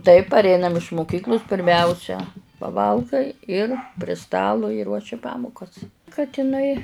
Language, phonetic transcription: Lithuanian, taip parˈeinam iš muˈkyklus pirˈmæusia paˈvalgai ir pri ˈstalu i ˈruoši ˈpamukas kad iˈnai

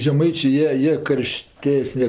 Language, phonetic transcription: Lithuanian, žeˈmaičė ˈjie ˈjie ˈkarˈštesne

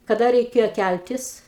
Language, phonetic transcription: Lithuanian, kaˈda reiˈkėjo ˈkæltis

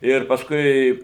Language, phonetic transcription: Lithuanian, ˈir pasˈkui

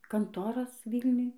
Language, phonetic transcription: Lithuanian, ˈkantoras ˈvylniuj

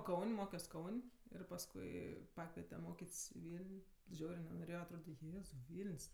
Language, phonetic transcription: Lithuanian, ˈkaun' ˈmokios ˈkaun' ir pasˈkui ˈpakviete ˈmokėt's' i ˈvyl'n' ˈžiaurė nenoˈrėjo atˈrode ˈjėzau ˈvyln's'

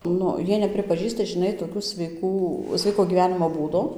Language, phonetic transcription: Lithuanian, ˈnu ˈjie nepripaˈžįsta žiˈnai toˈkiu sveiˈkų ˈsveiko gyˈvenimo ˈbūdo

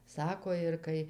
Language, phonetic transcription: Lithuanian, ˈsako ir ˈkai

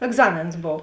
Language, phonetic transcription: Lithuanian, egˈzamėns ˈbov

